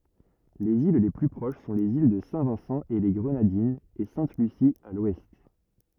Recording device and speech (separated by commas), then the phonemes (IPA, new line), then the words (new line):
rigid in-ear microphone, read sentence
lez il le ply pʁoʃ sɔ̃ lez il də sɛ̃vɛ̃sɑ̃eleɡʁənadinz e sɛ̃tlysi a lwɛst
Les îles les plus proches sont les îles de Saint-Vincent-et-les-Grenadines et Sainte-Lucie, à l'ouest.